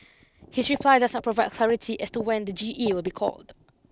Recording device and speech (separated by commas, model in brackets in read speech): close-talking microphone (WH20), read sentence